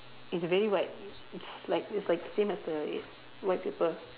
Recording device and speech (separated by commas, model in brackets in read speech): telephone, conversation in separate rooms